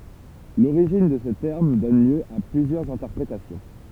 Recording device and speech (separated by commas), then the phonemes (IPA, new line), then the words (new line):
temple vibration pickup, read sentence
loʁiʒin də sə tɛʁm dɔn ljø a plyzjœʁz ɛ̃tɛʁpʁetasjɔ̃
L’origine de ce terme donne lieu à plusieurs interprétations.